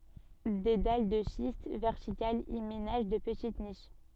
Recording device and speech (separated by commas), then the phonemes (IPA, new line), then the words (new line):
soft in-ear microphone, read sentence
de dal də ʃist vɛʁtikalz i menaʒ də pətit niʃ
Des dalles de schiste verticales y ménagent de petites niches.